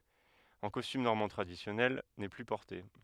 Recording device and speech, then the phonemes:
headset microphone, read sentence
ɑ̃ kɔstym nɔʁmɑ̃ tʁadisjɔnɛl nɛ ply pɔʁte

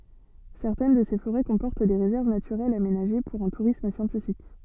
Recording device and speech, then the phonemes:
soft in-ear microphone, read sentence
sɛʁtɛn də se foʁɛ kɔ̃pɔʁt de ʁezɛʁv natyʁɛlz amenaʒe puʁ œ̃ tuʁism sjɑ̃tifik

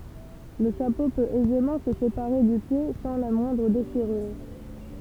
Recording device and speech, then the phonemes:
temple vibration pickup, read sentence
lə ʃapo pøt ɛzemɑ̃ sə sepaʁe dy pje sɑ̃ la mwɛ̃dʁ deʃiʁyʁ

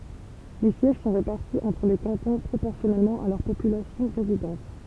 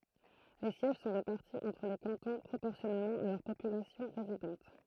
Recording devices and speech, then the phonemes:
temple vibration pickup, throat microphone, read sentence
le sjɛʒ sɔ̃ ʁepaʁti ɑ̃tʁ le kɑ̃tɔ̃ pʁopɔʁsjɔnɛlmɑ̃ a lœʁ popylasjɔ̃ ʁezidɑ̃t

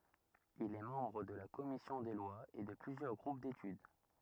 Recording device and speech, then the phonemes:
rigid in-ear microphone, read sentence
il ɛ mɑ̃bʁ də la kɔmisjɔ̃ de lwaz e də plyzjœʁ ɡʁup detyd

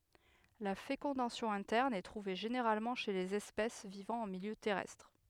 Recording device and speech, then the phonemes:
headset microphone, read sentence
la fekɔ̃dasjɔ̃ ɛ̃tɛʁn ɛ tʁuve ʒeneʁalmɑ̃ ʃe lez ɛspɛs vivɑ̃ ɑ̃ miljø tɛʁɛstʁ

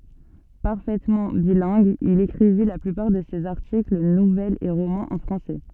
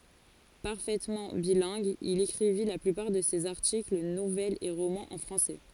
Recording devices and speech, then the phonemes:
soft in-ear microphone, forehead accelerometer, read sentence
paʁfɛtmɑ̃ bilɛ̃ɡ il ekʁivi la plypaʁ də sez aʁtikl nuvɛlz e ʁomɑ̃z ɑ̃ fʁɑ̃sɛ

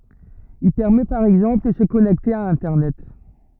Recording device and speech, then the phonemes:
rigid in-ear microphone, read sentence
il pɛʁmɛ paʁ ɛɡzɑ̃pl də sə kɔnɛkte a ɛ̃tɛʁnɛt

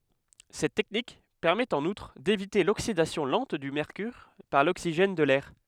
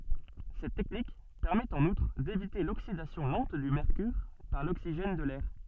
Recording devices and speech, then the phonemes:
headset microphone, soft in-ear microphone, read sentence
sɛt tɛknik pɛʁmɛt ɑ̃n utʁ devite loksidasjɔ̃ lɑ̃t dy mɛʁkyʁ paʁ loksiʒɛn də lɛʁ

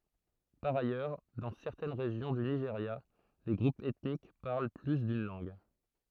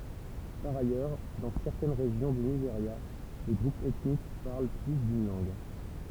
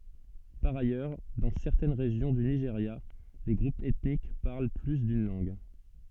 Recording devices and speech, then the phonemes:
throat microphone, temple vibration pickup, soft in-ear microphone, read sentence
paʁ ajœʁ dɑ̃ sɛʁtɛn ʁeʒjɔ̃ dy niʒeʁja le ɡʁupz ɛtnik paʁl ply dyn lɑ̃ɡ

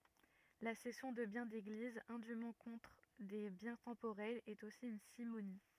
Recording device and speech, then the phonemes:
rigid in-ear microphone, read sentence
la sɛsjɔ̃ də bjɛ̃ deɡliz ɛ̃dym kɔ̃tʁ de bjɛ̃ tɑ̃poʁɛlz ɛt osi yn simoni

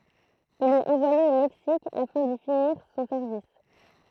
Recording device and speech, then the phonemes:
throat microphone, read sentence
il ɛt ɑ̃vwaje o mɛksik afɛ̃ di finiʁ sɔ̃ sɛʁvis

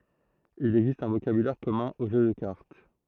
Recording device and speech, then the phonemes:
throat microphone, read sentence
il ɛɡzist œ̃ vokabylɛʁ kɔmœ̃ o ʒø də kaʁt

